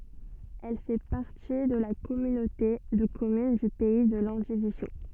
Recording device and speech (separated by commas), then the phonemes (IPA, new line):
soft in-ear microphone, read sentence
ɛl fɛ paʁti də la kɔmynote də kɔmyn dy pɛi də lɑ̃divizjo